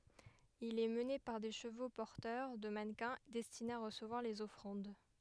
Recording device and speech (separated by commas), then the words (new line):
headset microphone, read sentence
Il est mené par des chevaux porteurs de mannequins destinés à recevoir les offrandes.